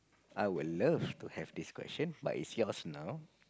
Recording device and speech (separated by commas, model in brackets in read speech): close-talking microphone, conversation in the same room